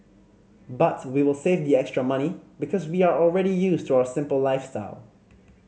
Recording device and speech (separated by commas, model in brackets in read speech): mobile phone (Samsung C5010), read sentence